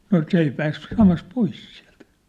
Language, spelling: Finnish, no se ei pääse samassa pois sieltä
- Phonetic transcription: no "s ‿ei pääs 'samas "pois siä̭lt .

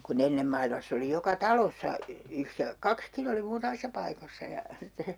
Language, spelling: Finnish, kun ennen maailmassa oli joka talossa - kaksikin oli muutamissa paikoissa ja sitten
- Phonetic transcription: ku'n ‿ennem mailmass ‿oli joka "talossa , yhre- , "kakskin ‿oli 'muutamissa paikossa ja , sitte ,.

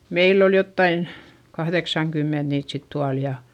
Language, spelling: Finnish, meillä oli jotakin kahdeksankymmentä niitä sitten tuolla ja
- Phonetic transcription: meill ‿ol jottain , kahδeksaŋkymment niit sit tual ja ,.

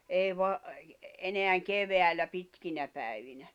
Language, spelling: Finnish, ei - enää keväällä pitkinä päivinä
- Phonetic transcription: ei va- , eneäŋ 'keveäl̆lä 'pitkinä pä̀i̬vinä .

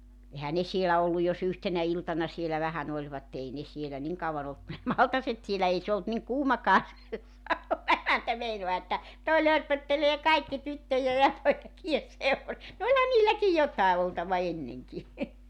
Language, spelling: Finnish, eihän ne siellä ollut jos yhtenä iltana siellä vähän olivat ei ne siellä niin kauan ollut kuin ne maltaat siellä ei se ollut niin kuumakaan se sauna emäntä meinaa että tuo lörpöttelee kaikki tyttöjen ja poikien - no olihan niilläkin jotakin oltava ennenkin
- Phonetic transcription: 'ehä ne 'sielä ollu jo's ‿yhtenä 'iltana sielä 'vähän ‿oĺvatte 'ei ne 'sielä 'niŋ kauwan ‿olt ku ne "maltaset sielä 'ei 'se olt niŋ "kuumakaa se 'sauna 'emäntä 'meinoa että , 'toi 'lörpöttelee 'kaikki 'tyttöje ja 'poik(ije 'seurus-) , no 'oĺha 'niilläki "jot̀àe oltava 'enneŋki .

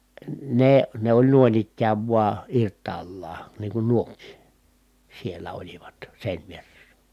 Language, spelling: Finnish, ne ne oli noin ikään vain irtaallaan niin kuin nuokin siellä olivat seinävieressä
- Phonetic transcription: ne , ne ‿oĺ nu̬in ‿ikkääv vua , irt̀aallaa , niiŋ kun nuok̀ii , siellä olivat , sèinvieressä .

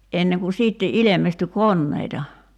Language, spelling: Finnish, ennen kuin sitten ilmestyy koneita
- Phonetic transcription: 'enneŋ ku 'siitte "ilemestyy "konneita .

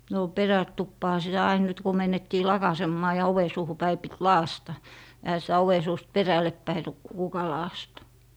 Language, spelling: Finnish, no perätupaanhan sitä aina nyt kun - mentiin lakaisemaan ja oven suuhun päin piti lakaista eihän sitä oven suusta perällepäin - kuka lakaista
- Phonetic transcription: no , "perä'tuppaaha sitä 'ain nyt ku me'n ‿ettii "lakasemmaa ja "ove 'suuhu 'päi pit "laasta , ehä sitä 'ove suust "perälleppäi ru - kuka laastA .

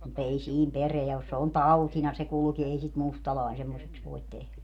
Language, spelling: Finnish, mutta ei siinä perää ole se on tautina se kulki ei sitä mustalainen semmoiseksi voi tehdä
- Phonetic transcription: mut ‿ei 'siin "pereä os se on "tautina se 'kulki ei sit "mustalàin 'semmoseks voit 'tehlä .

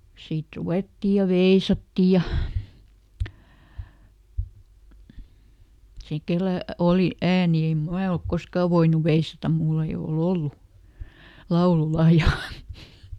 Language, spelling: Finnish, sitten ruvettiin ja veisattiin ja se kenellä oli ääni en minä ole koskaan voinut veisata minulla ei ole ollut laululahjaa
- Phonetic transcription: sit ˈruvètti ja "veisatti ja , ˈse kelä , "oli ˈääni em "mää olk ˈkoskà voinuv ˈveisatam ˈmull ‿ei o"l ‿ollu , ˈlauluˈlahjà .

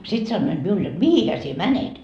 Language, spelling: Finnish, sitten sanoivat minulle jotta mihinhän sinä menet
- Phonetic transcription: 'sit sannoiD miul jot 'mihihä sie "mänet .

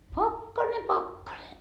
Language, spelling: Finnish, pakkanen pakkanen
- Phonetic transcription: "pakkane 'pakkane .

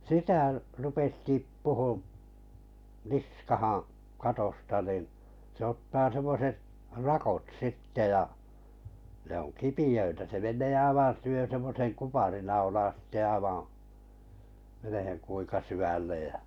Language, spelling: Finnish, sitä rupesi tippumaan niskaan katosta niin se ottaa semmoiset rakot sitten ja ne on kipeitä se menee aivan syö semmoisen kuparinaulan sitten aivan menemään kuinka syvälle ja
- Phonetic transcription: sitä̀ , 'rupes 'tippuhuᵐ , "niskahaa̰ , 'katosta nin , sᵉ 'ottaa 'semmoset , "rakot 'sitte ja , ne ‿on "kipiʲöitä se 'men̆nee 'aivan̬ syö semmoseŋ 'kuparinau(lan̬) sⁱtte 'aivaa̰ , meneheŋ kuiŋka 'syvällej jä ,.

